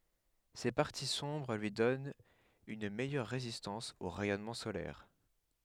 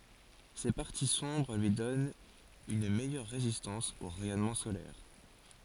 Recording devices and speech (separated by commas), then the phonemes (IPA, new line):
headset microphone, forehead accelerometer, read sentence
se paʁti sɔ̃bʁ lyi dɔnt yn mɛjœʁ ʁezistɑ̃s o ʁɛjɔnmɑ̃ solɛʁ